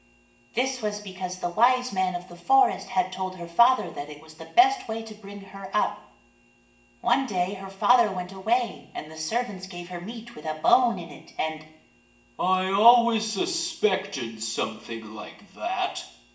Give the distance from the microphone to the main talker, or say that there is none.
1.8 m.